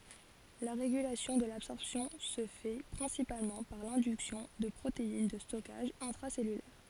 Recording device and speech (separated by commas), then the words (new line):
forehead accelerometer, read sentence
La régulation de l'absorption se fait principalement par l'induction de protéines de stockage intracellulaires.